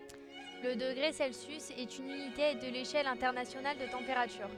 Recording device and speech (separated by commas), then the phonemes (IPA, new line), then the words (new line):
headset microphone, read sentence
lə dəɡʁe sɛlsjys ɛt yn ynite də leʃɛl ɛ̃tɛʁnasjonal də tɑ̃peʁatyʁ
Le degré Celsius est une unité de l’échelle internationale de température.